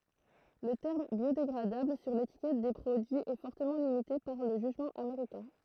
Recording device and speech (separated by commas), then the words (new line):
throat microphone, read sentence
Le terme biodégradable sur l'étiquette des produits est fortement limité par le jugement américain.